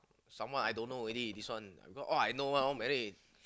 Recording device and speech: close-talking microphone, conversation in the same room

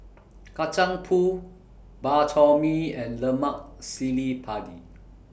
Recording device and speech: boundary microphone (BM630), read sentence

